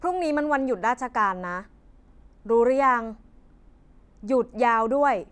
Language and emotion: Thai, frustrated